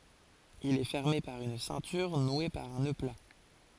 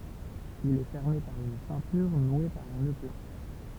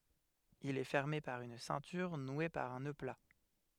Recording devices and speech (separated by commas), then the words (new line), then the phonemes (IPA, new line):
forehead accelerometer, temple vibration pickup, headset microphone, read sentence
Il est fermé par une ceinture nouée par un nœud plat.
il ɛ fɛʁme paʁ yn sɛ̃tyʁ nwe paʁ œ̃ nø pla